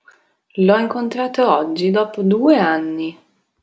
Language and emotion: Italian, neutral